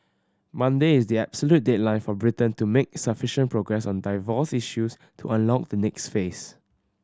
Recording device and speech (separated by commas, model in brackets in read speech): standing microphone (AKG C214), read sentence